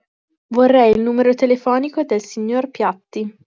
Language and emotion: Italian, neutral